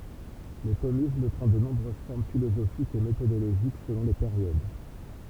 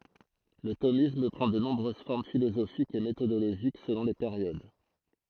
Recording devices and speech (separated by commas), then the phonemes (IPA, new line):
temple vibration pickup, throat microphone, read sentence
lə tomism pʁɑ̃ də nɔ̃bʁøz fɔʁm filozofikz e metodoloʒik səlɔ̃ le peʁjod